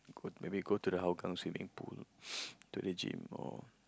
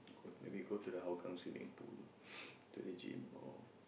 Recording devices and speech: close-talking microphone, boundary microphone, conversation in the same room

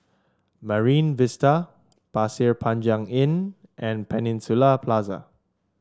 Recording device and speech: standing microphone (AKG C214), read sentence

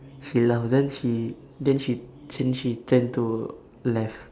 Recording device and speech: standing microphone, conversation in separate rooms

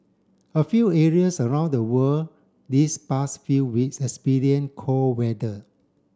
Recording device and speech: standing microphone (AKG C214), read sentence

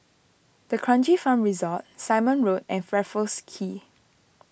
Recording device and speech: boundary microphone (BM630), read sentence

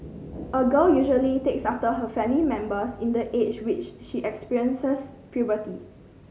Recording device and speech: mobile phone (Samsung C5010), read sentence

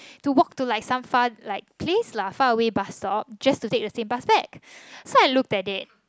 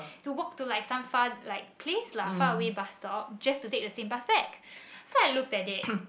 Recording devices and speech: close-talking microphone, boundary microphone, conversation in the same room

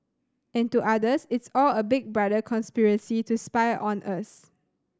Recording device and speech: standing microphone (AKG C214), read sentence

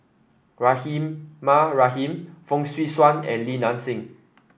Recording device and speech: boundary microphone (BM630), read sentence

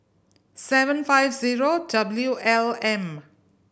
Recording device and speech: boundary microphone (BM630), read sentence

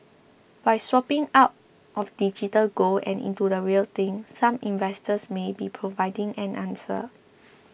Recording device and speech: boundary microphone (BM630), read sentence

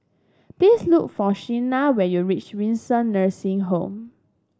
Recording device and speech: standing microphone (AKG C214), read sentence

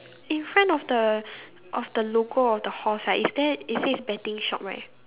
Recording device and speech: telephone, conversation in separate rooms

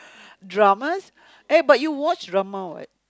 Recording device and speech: close-talking microphone, conversation in the same room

